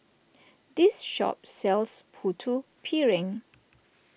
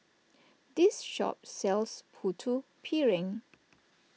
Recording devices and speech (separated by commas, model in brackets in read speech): boundary microphone (BM630), mobile phone (iPhone 6), read sentence